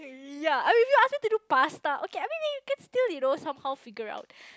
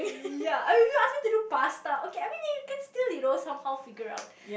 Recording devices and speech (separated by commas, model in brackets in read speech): close-talking microphone, boundary microphone, conversation in the same room